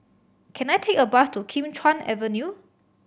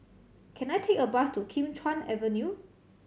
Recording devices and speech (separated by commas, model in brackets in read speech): boundary microphone (BM630), mobile phone (Samsung C7100), read sentence